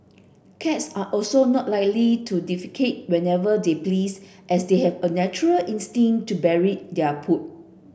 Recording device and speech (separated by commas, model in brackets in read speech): boundary microphone (BM630), read sentence